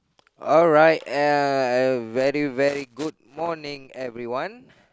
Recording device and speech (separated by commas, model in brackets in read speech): close-talking microphone, conversation in the same room